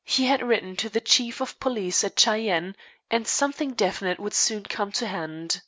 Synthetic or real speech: real